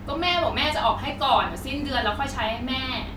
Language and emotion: Thai, frustrated